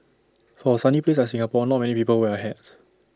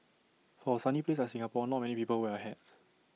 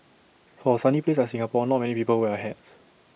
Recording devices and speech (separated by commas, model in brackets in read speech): standing microphone (AKG C214), mobile phone (iPhone 6), boundary microphone (BM630), read sentence